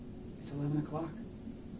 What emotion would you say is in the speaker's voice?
neutral